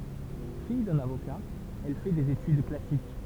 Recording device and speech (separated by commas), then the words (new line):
temple vibration pickup, read sentence
Fille d'un avocat, elle fait des études classiques.